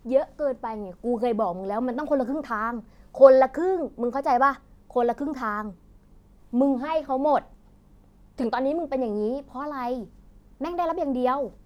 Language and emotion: Thai, frustrated